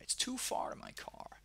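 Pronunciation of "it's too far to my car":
This is said with an American accent, so the r sound is pronounced in both 'far' and 'car', with a big er sound.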